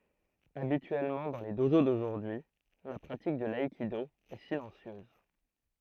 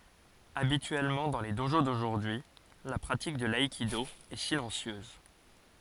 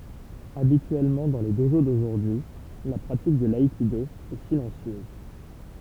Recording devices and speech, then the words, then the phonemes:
throat microphone, forehead accelerometer, temple vibration pickup, read sentence
Habituellement dans les dojo d'aujourd'hui, la pratique de l'aïkido est silencieuse.
abityɛlmɑ̃ dɑ̃ le doʒo doʒuʁdyi la pʁatik də laikido ɛ silɑ̃sjøz

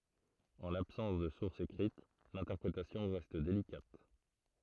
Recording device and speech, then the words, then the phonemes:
throat microphone, read sentence
En l'absence de sources écrites, l'interprétation reste délicate.
ɑ̃ labsɑ̃s də suʁsz ekʁit lɛ̃tɛʁpʁetasjɔ̃ ʁɛst delikat

